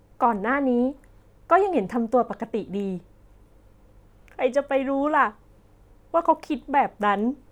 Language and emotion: Thai, sad